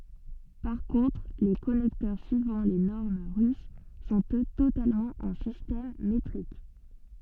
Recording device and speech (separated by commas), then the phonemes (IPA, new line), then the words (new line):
soft in-ear microphone, read sentence
paʁ kɔ̃tʁ le kɔnɛktœʁ syivɑ̃ le nɔʁm ʁys sɔ̃t ø totalmɑ̃ ɑ̃ sistɛm metʁik
Par contre les connecteurs suivant les normes russes sont eux totalement en système métrique.